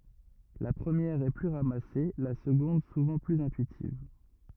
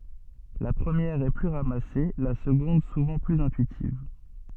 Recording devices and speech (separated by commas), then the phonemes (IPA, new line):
rigid in-ear microphone, soft in-ear microphone, read sentence
la pʁəmjɛʁ ɛ ply ʁamase la səɡɔ̃d suvɑ̃ plyz ɛ̃tyitiv